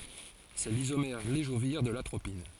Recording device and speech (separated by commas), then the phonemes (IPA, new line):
forehead accelerometer, read sentence
sɛ lizomɛʁ levoʒiʁ də latʁopin